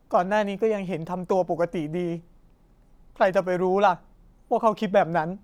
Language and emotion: Thai, sad